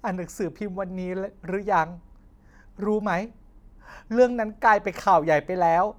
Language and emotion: Thai, sad